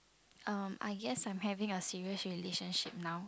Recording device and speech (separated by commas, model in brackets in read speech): close-talking microphone, conversation in the same room